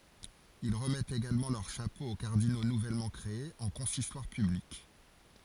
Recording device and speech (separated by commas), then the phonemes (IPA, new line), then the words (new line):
forehead accelerometer, read sentence
il ʁəmɛtt eɡalmɑ̃ lœʁ ʃapo o kaʁdino nuvɛlmɑ̃ kʁeez ɑ̃ kɔ̃sistwaʁ pyblik
Ils remettent également leur chapeau aux cardinaux nouvellement créés en consistoire public.